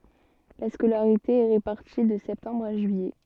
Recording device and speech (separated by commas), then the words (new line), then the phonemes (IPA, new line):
soft in-ear microphone, read sentence
La scolarité est répartie de septembre à juillet.
la skolaʁite ɛ ʁepaʁti də sɛptɑ̃bʁ a ʒyijɛ